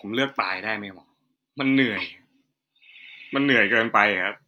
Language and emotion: Thai, frustrated